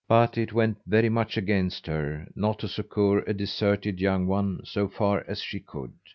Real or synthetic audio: real